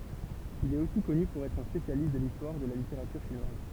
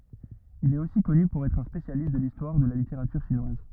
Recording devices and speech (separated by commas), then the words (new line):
temple vibration pickup, rigid in-ear microphone, read sentence
Il est aussi connu pour être un spécialiste de l'histoire de la littérature chinoise.